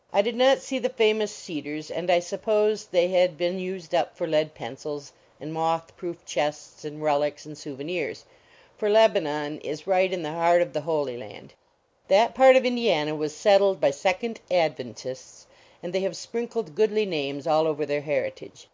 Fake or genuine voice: genuine